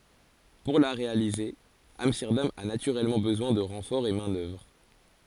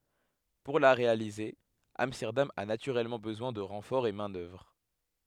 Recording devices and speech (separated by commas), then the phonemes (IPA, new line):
forehead accelerometer, headset microphone, read sentence
puʁ la ʁealize amstɛʁdam a natyʁɛlmɑ̃ bəzwɛ̃ də ʁɑ̃fɔʁz ɑ̃ mɛ̃ dœvʁ